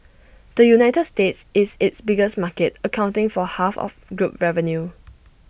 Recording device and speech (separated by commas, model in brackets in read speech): boundary microphone (BM630), read sentence